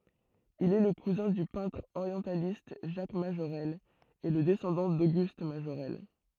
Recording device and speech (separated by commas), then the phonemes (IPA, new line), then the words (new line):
throat microphone, read sentence
il ɛ lə kuzɛ̃ dy pɛ̃tʁ oʁjɑ̃sjalist ʒak maʒoʁɛl e lə dɛsɑ̃dɑ̃ doɡyst maʒoʁɛl
Il est le cousin du peintre orientialiste Jacques Majorelle et le descendant d'Auguste Majorelle.